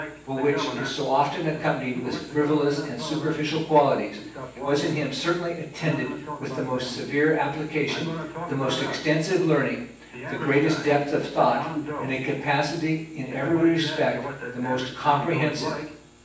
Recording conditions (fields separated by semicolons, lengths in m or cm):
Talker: one person; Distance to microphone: 9.8 m; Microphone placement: far; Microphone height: 1.8 m; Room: large; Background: television